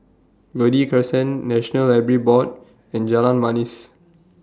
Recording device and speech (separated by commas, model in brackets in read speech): standing microphone (AKG C214), read sentence